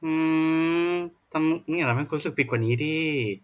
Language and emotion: Thai, sad